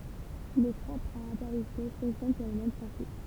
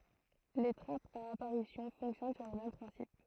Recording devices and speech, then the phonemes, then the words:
temple vibration pickup, throat microphone, read sentence
le tʁapz a apaʁisjɔ̃ fɔ̃ksjɔn syʁ lə mɛm pʁɛ̃sip
Les trappes à apparition fonctionnent sur le même principe.

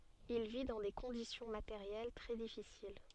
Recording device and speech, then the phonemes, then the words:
soft in-ear microphone, read sentence
il vi dɑ̃ de kɔ̃disjɔ̃ mateʁjɛl tʁɛ difisil
Il vit dans des conditions matérielles très difficiles.

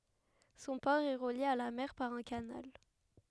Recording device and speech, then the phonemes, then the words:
headset microphone, read sentence
sɔ̃ pɔʁ ɛ ʁəlje a la mɛʁ paʁ œ̃ kanal
Son port est relié à la mer par un canal.

